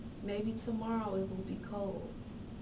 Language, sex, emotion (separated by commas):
English, female, sad